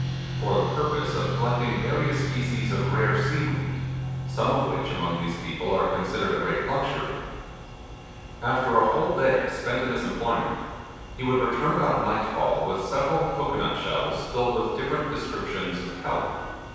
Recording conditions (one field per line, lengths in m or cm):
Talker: one person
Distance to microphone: 7.1 m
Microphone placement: far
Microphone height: 1.7 m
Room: very reverberant, large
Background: music